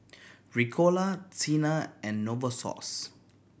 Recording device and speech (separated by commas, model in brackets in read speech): boundary microphone (BM630), read sentence